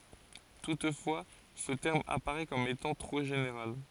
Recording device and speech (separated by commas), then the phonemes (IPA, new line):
forehead accelerometer, read sentence
tutfwa sə tɛʁm apaʁɛ kɔm etɑ̃ tʁo ʒeneʁal